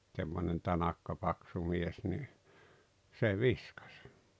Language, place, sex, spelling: Finnish, Rautalampi, male, semmoinen tanakka paksu mies niin se viskasi
- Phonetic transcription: semmonen 'tanakka 'paksu 'mies ni , 'se 'viskᴀs .

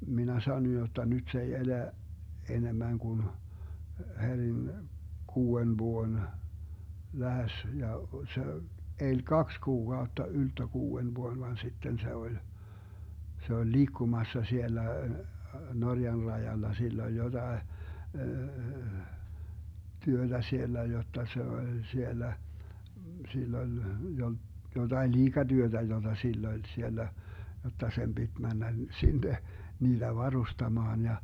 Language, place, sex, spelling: Finnish, Vermlanti, male, minä sanoin jotta nyt se ei elä enemmän kuin herin kuuden vuoden lähes ja se eli kaksi kuukautta ylttö kuuden vuoden vaan sitten se oli se oli liikkumassa siellä Norjan rajalla sillä oli jotakin työtä siellä jotta se oli siellä sillä oli jotakin liikatyötä jota sillä oli siellä jotta sen piti mennä sinne niitä varustamaan ja
- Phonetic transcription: 'minä 'sanoj jotta 'nyt se ei "elä , 'enemmäŋ kun , 'heŕin , 'kuu₍en 'vuon , 'lähes ja se , 'eĺ "kaks 'kuukautta ylttö 'kuu₍en 'vuon van 'sitten se 'oĺ , 'se oĺ "liikkumassa 'siellä , 'Norjan 'rajalla 'sill ‿oĺ 'jotae , 'työDä 'siellä jotta se oĺ 'siellä , 'sill ‿oĺ , 'jotain "liiGaDyöDä 'joDa 'sill ‿oĺ 'siellä , jotta 'sem BiD "männä 'sinne , 'niiDä "varustamaan ja ,.

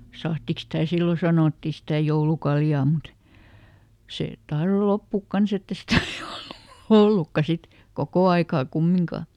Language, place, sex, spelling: Finnish, Lieto, female, sahdiksi sitä silloin sanottiin sitä joulukaljaa mutta se tahtoi loppua kanssa että ei sitä niin ollut ollutkaan sitten koko aikaa kumminkaan
- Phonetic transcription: ˈsahtiks sitä̀ "sillo sanòtti sitä̀ ˈjoulukaljaa mut , ˈsè , ˈtahro "loppùk ˈkans ‿ett ‿e ˈsitä ni OllU , "ʰollukka "sit , ˈkokò aikaa ˈkummiŋkà .

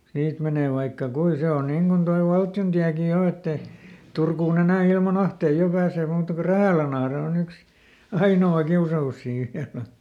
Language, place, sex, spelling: Finnish, Lieto, male, siitä menee vaikka kuinka se on niin kuin tuo valtiontiekin jo että ei Turkuun enää ilman ahteita jo pääsee muuta kuin Rähälänahde on yksi ainoa kiusaus siinä vielä
- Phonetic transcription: ˈsiit menè vaikka "kui ˈse on ˈniŋ Gun toi "valtjontiäki ˈjo ett ‿e , ˈTurkuuˈn ‿enä̀ ilma"n ‿ahtei ˈjo pääsee ˈmuuta ku "Rähä̀länahre oˈn ‿yks , ˈaino₍a "kiusa₍us sii ˈviälä .

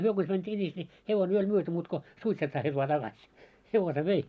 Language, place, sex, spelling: Finnish, Moloskovitsa, male, he konsa meni sinis niin hevonen jo oli myyty muuta kuin suitset saatiin vain takaisin hevosen vei
- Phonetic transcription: 'hyö kons män 'sińis ńi , 'hevon jo oĺ 'myöty muut ko , 'suitset saat́ii vaa taɢaś , "hevose "vei .

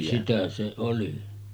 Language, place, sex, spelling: Finnish, Sotkamo, male, sitä se oli
- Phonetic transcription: sitä se 'oli .

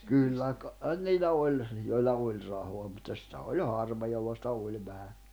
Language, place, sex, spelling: Finnish, Jämsä, male, kyllä kai niillä oli joilla oli rahaa mutta sitä oli harva jolla sitä oli vähän
- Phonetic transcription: 'kyllä kàin niilä 'oĺ , joilla "oĺ rahoa mutta sⁱtä oĺ 'harva jolla sⁱtä 'oĺ 'vähä .

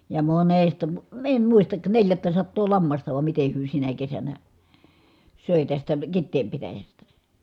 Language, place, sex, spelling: Finnish, Kitee, female, ja monesta - en muista neljättäsataa lammasta vai miten he sinä kesänä söi tästä Kiteen pitäjästä
- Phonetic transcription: ja monesta mᵘ- , em muistak , neljättäsattoo lammasta vam mite hyö sinä kesänä , sö̀e tästä , Kitteem pitäjästä .

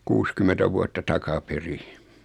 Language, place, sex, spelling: Finnish, Noormarkku, male, kuusikymmentä vuotta takaperin
- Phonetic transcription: 'kuuskymetä vuatta 'takaperi .

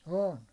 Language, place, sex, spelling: Finnish, Hollola, male, on
- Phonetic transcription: 'on .

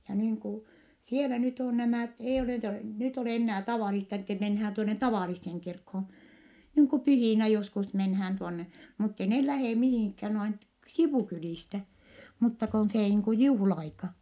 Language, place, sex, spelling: Finnish, Vittanki, female, ja niin kuin siellä nyt on nämä ei ole nyt nyt ole enää tavallista että mennään tuonne tavalliseen kirkkoon niin kuin pyhinä joskus mennään tuonne mutta ei ne lähde mihinkään noin - sivukylistä mutta kun se niin kuin juhla-aika
- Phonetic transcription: ja niiŋ ku , sielä nyt ‿on nämä̀t , eij ‿olè nyt , nyt olè ennää tavàlista ettɛ menhään tuone tavàlisseŋ kirkhoon̬ , niiŋ ku pyhìnä joskus menhään tuonne , mutte neh lähè mihìŋkhään noin t- , sivùkylìstä , mutta kon see niiŋ ku juhla₍aika .

